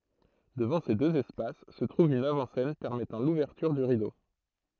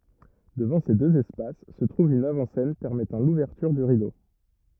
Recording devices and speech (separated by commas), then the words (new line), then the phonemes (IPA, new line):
throat microphone, rigid in-ear microphone, read sentence
Devant ces deux espaces se trouve une avant-scène permettant l’ouverture du rideau.
dəvɑ̃ se døz ɛspas sə tʁuv yn avɑ̃ sɛn pɛʁmɛtɑ̃ luvɛʁtyʁ dy ʁido